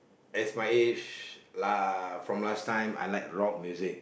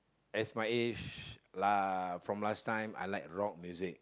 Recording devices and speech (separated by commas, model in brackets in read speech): boundary microphone, close-talking microphone, conversation in the same room